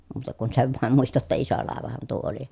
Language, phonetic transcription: Finnish, muuta kun sev vàem muista ‿tta iso làevahan tuo oli .
- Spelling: muuta kuin sen vain muistan jotta iso laivahan tuo oli

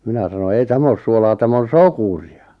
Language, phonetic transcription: Finnish, 'minä sano » ei 'täm ‿oos suolaa 'täm̆m ‿on̬ "sokuri₍a « .
- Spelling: minä sanoin ei tämä ole suolaa tämä on sokeria

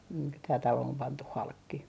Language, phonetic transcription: Finnish, (nii) tää 'talo om 'pantuh "halkki .
- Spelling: niin tämä talo on pantu halki

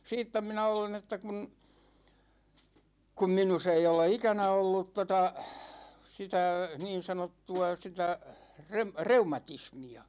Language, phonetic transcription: Finnish, siittä 'minä 'olen että kun , kum 'minus ‿ei ole "ikänä ollut 'tota , 'sitä , 'niin̬sanottu₍a sitä , 'rem- , "reumatismi₍a .
- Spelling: siitä minä olen että kun kun minussa ei ole ikänä ollut tuota sitä niin sanottua sitä - reumatismia

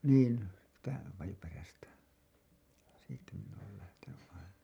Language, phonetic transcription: Finnish, niin , (sii)tä Pajuperästä , siittä min̆n ‿ool lähteny’ ’aina .
- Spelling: niin siitä Pajuperästä siitä minä olen lähtenyt aina

